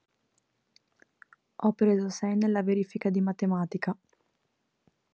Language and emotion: Italian, sad